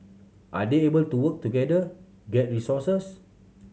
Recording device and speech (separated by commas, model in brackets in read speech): mobile phone (Samsung C7100), read sentence